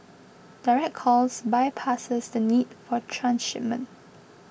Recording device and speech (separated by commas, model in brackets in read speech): boundary microphone (BM630), read sentence